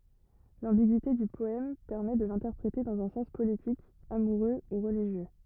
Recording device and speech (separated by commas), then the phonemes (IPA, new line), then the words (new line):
rigid in-ear microphone, read sentence
lɑ̃biɡyite dy pɔɛm pɛʁmɛ də lɛ̃tɛʁpʁete dɑ̃z œ̃ sɑ̃s politik amuʁø u ʁəliʒjø
L'ambiguïté du poème permet de l'interpréter dans un sens politique, amoureux ou religieux.